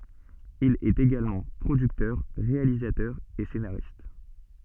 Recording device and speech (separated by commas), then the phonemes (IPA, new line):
soft in-ear microphone, read sentence
il ɛt eɡalmɑ̃ pʁodyktœʁ ʁealizatœʁ e senaʁist